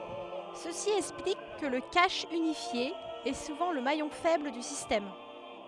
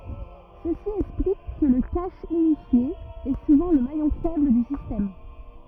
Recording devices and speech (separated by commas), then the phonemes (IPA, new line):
headset microphone, rigid in-ear microphone, read sentence
səsi ɛksplik kə lə kaʃ ynifje ɛ suvɑ̃ lə majɔ̃ fɛbl dy sistɛm